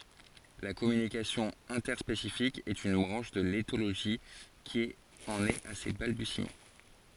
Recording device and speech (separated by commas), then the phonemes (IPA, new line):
forehead accelerometer, read sentence
la kɔmynikasjɔ̃ ɛ̃tɛʁspesifik ɛt yn bʁɑ̃ʃ də letoloʒi ki ɑ̃n ɛt a se balbysimɑ̃